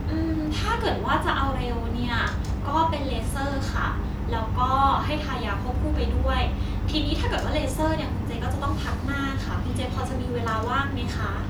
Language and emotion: Thai, neutral